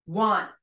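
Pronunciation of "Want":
In 'want', the final t is unreleased. It is not fully said, so no clear t sound is heard at the end.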